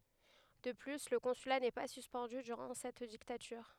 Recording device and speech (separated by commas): headset microphone, read sentence